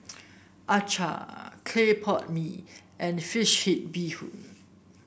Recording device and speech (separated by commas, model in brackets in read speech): boundary microphone (BM630), read sentence